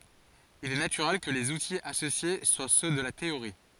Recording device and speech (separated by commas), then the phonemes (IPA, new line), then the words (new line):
forehead accelerometer, read sentence
il ɛ natyʁɛl kə lez utiz asosje swa sø də la teoʁi
Il est naturel que les outils associés soient ceux de la théorie.